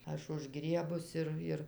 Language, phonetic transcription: Lithuanian, ˈaš užˈgriebus ˈir ˈir

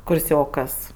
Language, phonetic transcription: Lithuanian, kurˈsiokas

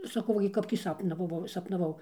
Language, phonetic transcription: Lithuanian, saˈkau ˈva gi ˈkap tį ˈsapnavavau sapnaˈvau

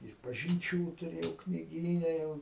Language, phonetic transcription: Lithuanian, ir pažinˈčių tuˈrėjau kniˈgyne ˈjau

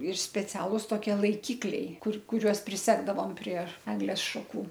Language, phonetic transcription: Lithuanian, ir speˈcialus toˈkie laiˈkikliai ˈkur kuˈriuos priˈsegdavom prie ˈeglės šaˈkų

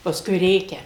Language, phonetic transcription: Lithuanian, pasˈkui ˈrėkia

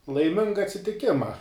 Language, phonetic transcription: Lithuanian, laiˈminga atsitiˈkima

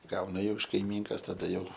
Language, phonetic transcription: Lithuanian, ˈgauna jau iš kaiˈmynkas taˈda jau

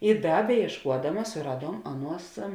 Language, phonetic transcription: Lithuanian, i ˈda bejiešˈkuodamas suˈraˌduom ˈaˌnuos

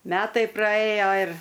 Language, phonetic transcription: Lithuanian, ˈmetai praˈėjo ir

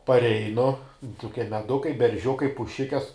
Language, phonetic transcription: Lithuanian, parˈeinu tuˈkie meˈdukai berˈžiukai puˈšikes

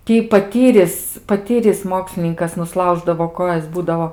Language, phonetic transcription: Lithuanian, ˈtį paˈtyris paˈtyris ˈmokslininkas nuˈslauždavo ˈkojas ˈbūdao

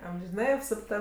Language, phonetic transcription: Lithuanian, amžiˈnai apsupˈta

